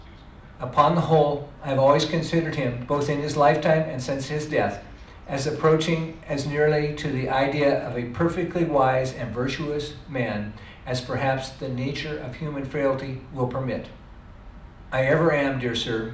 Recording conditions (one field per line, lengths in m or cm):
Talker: one person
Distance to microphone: 2.0 m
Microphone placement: close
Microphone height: 99 cm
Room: medium-sized (5.7 m by 4.0 m)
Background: television